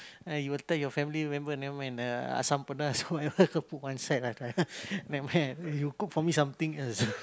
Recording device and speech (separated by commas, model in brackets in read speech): close-talking microphone, conversation in the same room